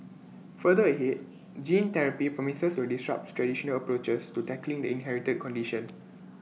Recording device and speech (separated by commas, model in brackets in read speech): mobile phone (iPhone 6), read sentence